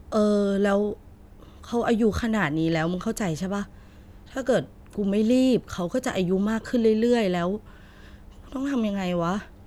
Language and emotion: Thai, frustrated